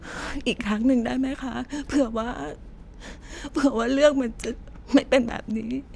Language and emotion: Thai, sad